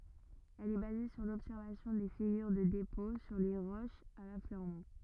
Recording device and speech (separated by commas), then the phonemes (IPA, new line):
rigid in-ear microphone, read sentence
ɛl ɛ baze syʁ lɔbsɛʁvasjɔ̃ de fiɡyʁ də depɔ̃ syʁ le ʁoʃz a lafløʁmɑ̃